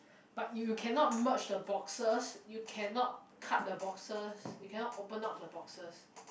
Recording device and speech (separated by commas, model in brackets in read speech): boundary microphone, conversation in the same room